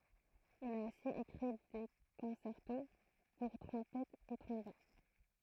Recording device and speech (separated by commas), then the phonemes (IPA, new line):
throat microphone, read sentence
il a osi ekʁi de kɔ̃sɛʁto puʁ tʁɔ̃pɛtz e tʁɔ̃bon